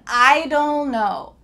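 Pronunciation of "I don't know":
'I don't know' is said in its clearest, most careful form, but the t at the end of 'don't' is not released: no air comes out to finish the t sound.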